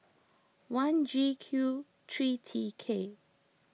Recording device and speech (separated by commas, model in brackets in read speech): mobile phone (iPhone 6), read sentence